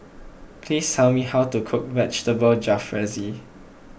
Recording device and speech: boundary microphone (BM630), read sentence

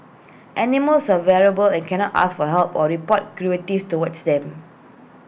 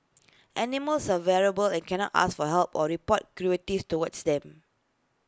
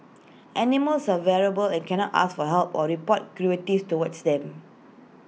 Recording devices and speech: boundary microphone (BM630), close-talking microphone (WH20), mobile phone (iPhone 6), read sentence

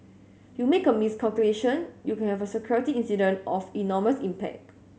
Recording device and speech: mobile phone (Samsung S8), read sentence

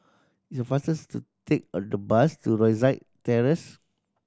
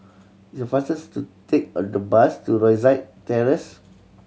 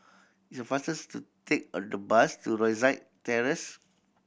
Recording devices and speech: standing microphone (AKG C214), mobile phone (Samsung C7100), boundary microphone (BM630), read sentence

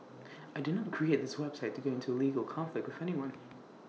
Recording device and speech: mobile phone (iPhone 6), read sentence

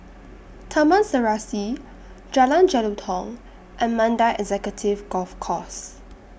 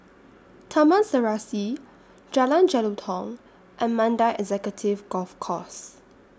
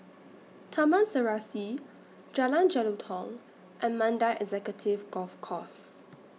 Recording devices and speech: boundary microphone (BM630), standing microphone (AKG C214), mobile phone (iPhone 6), read sentence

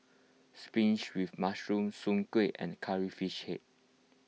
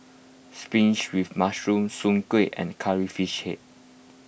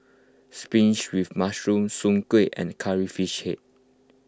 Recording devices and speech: mobile phone (iPhone 6), boundary microphone (BM630), close-talking microphone (WH20), read sentence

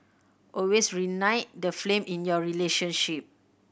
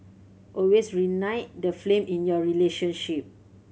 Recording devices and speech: boundary microphone (BM630), mobile phone (Samsung C7100), read sentence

